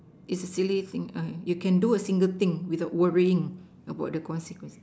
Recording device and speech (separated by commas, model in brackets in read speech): standing microphone, conversation in separate rooms